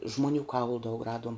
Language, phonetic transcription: Lithuanian, žmoˈnių ˈkaulu daug ˈraduom

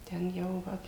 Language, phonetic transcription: Lithuanian, ten ˈjau ˈva

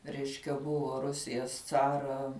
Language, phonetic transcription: Lithuanian, ˈreiškia ˈbuvo ˈrusijas ˈcara

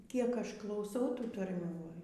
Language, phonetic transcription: Lithuanian, ˈkiek ˈaš klauˈsiau ˈtų tarˈmių ˈva

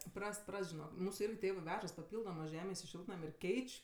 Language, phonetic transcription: Lithuanian, ˈprast ˈprast žiˈnok ˈmūsu ˈirgi ˈtėvɜ ˈvežas paˈpyldomɜ ˈžemės i ˈšiltnam' ir ˈkeič'

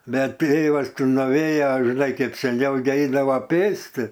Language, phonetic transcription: Lithuanian, ˈbet ˈtėvas ˈti nuˈvėja žiˈnai ˈkeip seˈniau gi ˈeidavo ˈpėsti

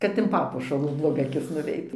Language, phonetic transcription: Lithuanian, kad in ˈpapuošalų bloˈga aˈkis nuˈveit

